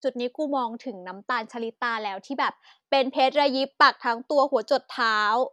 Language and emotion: Thai, happy